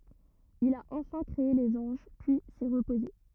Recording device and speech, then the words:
rigid in-ear microphone, read sentence
Il a enfin créé les anges, puis s'est reposé.

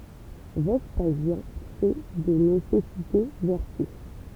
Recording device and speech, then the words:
temple vibration pickup, read sentence
Vespasien fait de nécessité vertu.

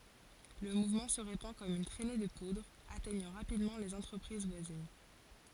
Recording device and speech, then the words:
forehead accelerometer, read sentence
Le mouvement se répand comme une trainée de poudre, atteignant rapidement les entreprises voisines.

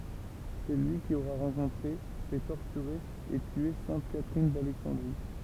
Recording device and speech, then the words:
temple vibration pickup, read sentence
C'est lui qui aurait rencontré, fait torturer et tuer sainte Catherine d'Alexandrie.

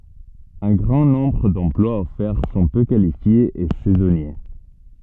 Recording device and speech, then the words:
soft in-ear microphone, read sentence
Un grand nombre d'emplois offerts sont peu qualifiés et saisonniers.

